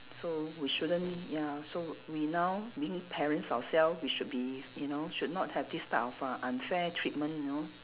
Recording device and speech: telephone, conversation in separate rooms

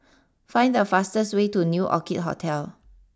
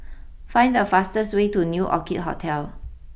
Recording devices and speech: standing microphone (AKG C214), boundary microphone (BM630), read sentence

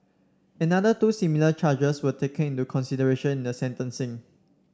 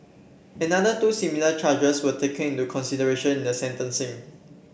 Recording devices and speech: standing microphone (AKG C214), boundary microphone (BM630), read sentence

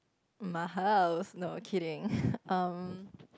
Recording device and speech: close-talking microphone, conversation in the same room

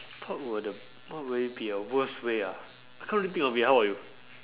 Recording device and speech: telephone, conversation in separate rooms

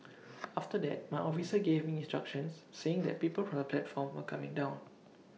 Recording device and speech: mobile phone (iPhone 6), read sentence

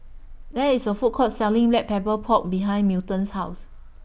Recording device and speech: boundary microphone (BM630), read sentence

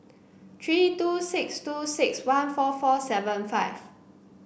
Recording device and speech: boundary microphone (BM630), read sentence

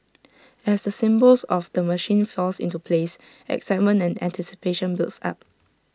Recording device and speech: standing microphone (AKG C214), read sentence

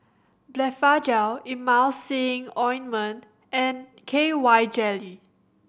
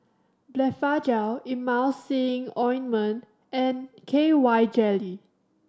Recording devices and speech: boundary microphone (BM630), standing microphone (AKG C214), read sentence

